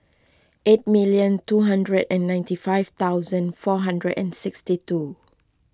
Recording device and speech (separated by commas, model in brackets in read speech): close-talking microphone (WH20), read sentence